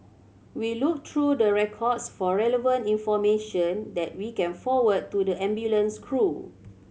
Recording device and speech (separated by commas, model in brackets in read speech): mobile phone (Samsung C7100), read sentence